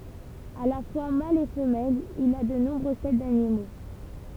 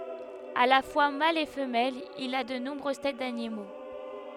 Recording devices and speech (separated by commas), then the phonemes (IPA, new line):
temple vibration pickup, headset microphone, read sentence
a la fwa mal e fəmɛl il a də nɔ̃bʁøz tɛt danimo